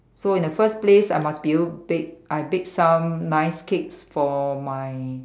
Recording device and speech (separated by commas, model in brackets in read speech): standing microphone, conversation in separate rooms